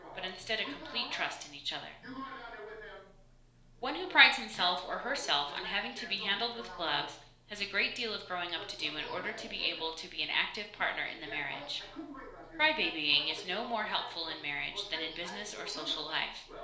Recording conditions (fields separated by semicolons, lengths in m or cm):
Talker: one person; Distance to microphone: 1.0 m; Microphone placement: close; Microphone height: 1.1 m; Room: small (3.7 m by 2.7 m); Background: television